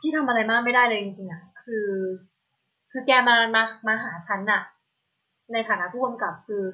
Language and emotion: Thai, frustrated